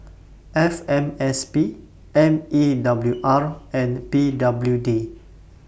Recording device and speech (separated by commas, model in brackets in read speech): boundary microphone (BM630), read sentence